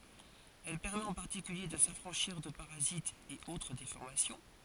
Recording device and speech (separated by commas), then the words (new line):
forehead accelerometer, read sentence
Elle permet en particulier de s'affranchir de parasites et autre déformations.